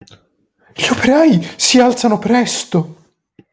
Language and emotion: Italian, surprised